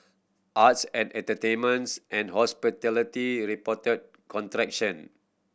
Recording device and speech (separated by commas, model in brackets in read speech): boundary microphone (BM630), read sentence